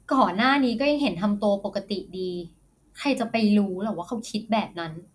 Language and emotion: Thai, frustrated